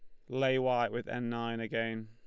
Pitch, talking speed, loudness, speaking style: 115 Hz, 205 wpm, -33 LUFS, Lombard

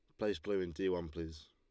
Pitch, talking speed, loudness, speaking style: 90 Hz, 275 wpm, -39 LUFS, Lombard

